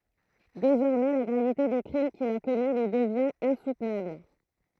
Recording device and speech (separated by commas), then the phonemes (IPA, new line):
throat microphone, read sentence
dezɔʁmɛ la ɡʁavite de kʁim kil a kɔmi lyi dəvjɛ̃t ɛ̃sutnabl